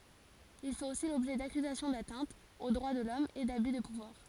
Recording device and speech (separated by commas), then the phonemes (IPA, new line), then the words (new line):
forehead accelerometer, read sentence
il fɛt osi lɔbʒɛ dakyzasjɔ̃ datɛ̃tz o dʁwa də lɔm e daby də puvwaʁ
Il fait aussi l'objet d'accusations d'atteintes aux droits de l'Homme et d'abus de pouvoir.